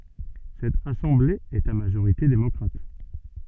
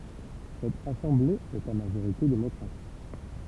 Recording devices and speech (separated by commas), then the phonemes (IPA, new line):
soft in-ear microphone, temple vibration pickup, read sentence
sɛt asɑ̃ble ɛt a maʒoʁite demɔkʁat